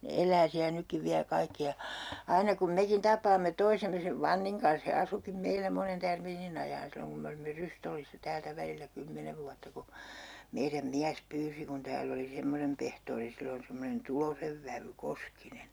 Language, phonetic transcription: Finnish, ne "el̆lää siä 'nykkiv 'viä 'kaikki ja , 'aina kum "mekin 'tap̀aamme 'toisemme sev "Vanniŋ kans he 'asukim 'meilä monen 'tärmiinin ‿ajaan 'silloŋ kum me olimme 'Rystollissa 'täältä 'välillä "kymmenev vuatta ku , 'meiräm "miäs 'pyysi kun 'tääll ‿oli 'semmonem pehtoori sillon̬ semmonen "Tulosev vävy 'Koskinen̬ .
- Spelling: ne elää siellä nytkin vielä kaikki ja aina kun mekin tapaamme toisemme sen Vannin kanssa he asuikin meillä monen tärmiinin ajan silloin kun me olimme Rystollissa täältä välillä kymmenen vuotta kun meidän mies pyysi kun täällä oli semmoinen pehtori silloin semmoinen Tulosen vävy Koskinen

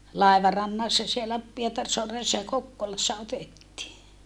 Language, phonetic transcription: Finnish, làivarannassa siellä , Pietarsoaressa ja Kokkolassa otettii .
- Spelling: laivarannassa siellä Pietarsaaressa ja Kokkolassa otettiin

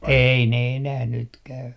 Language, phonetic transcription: Finnish, "ei ne enäh 'nyt käy .
- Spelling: ei ne enää nyt käy

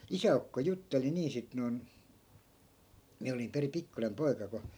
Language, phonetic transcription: Finnish, 'isä₍ukko 'jutteli 'nii sit non , 'miä olim peri "pikkunem 'poi̮ka ko ,.
- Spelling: isäukko jutteli niin sitten noin minä olin perin pikkuinen poika kun

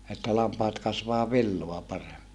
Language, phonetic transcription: Finnish, että lampaat kasvaa villoa pare(mmi) .
- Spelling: että lampaat kasvaa villaa paremmin

